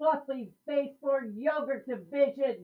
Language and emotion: English, angry